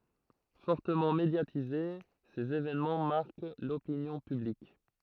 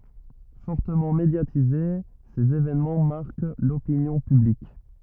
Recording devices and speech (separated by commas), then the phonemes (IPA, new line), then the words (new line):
throat microphone, rigid in-ear microphone, read sentence
fɔʁtəmɑ̃ medjatize sez evɛnmɑ̃ maʁk lopinjɔ̃ pyblik
Fortement médiatisés, ces évènements marquent l'opinion publique.